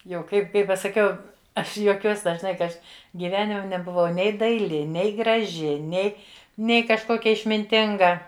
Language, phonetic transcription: Lithuanian, jau ˈkaip ˈkai pasaˈkiau ˈaš juoˈkiuos dažˈnai ka ˈaš gyˈvenime nebuˈvau ˈnei daiˈli ˈnei graˈži ˈnei ˈnei kažˈkokia išminˈtinga

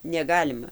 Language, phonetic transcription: Lithuanian, neˈgalima

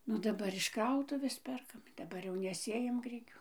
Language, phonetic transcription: Lithuanian, nu daˈbar iš ˈkrautuvės ˈperkam daˈbar ˈjau neˈsėjam ˈgrikių

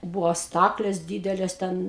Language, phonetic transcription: Lithuanian, ˈbuvo ˈstaklės ˈdydelės ˈten

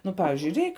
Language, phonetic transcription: Lithuanian, ˈnu ˈpavižiui ˈreik

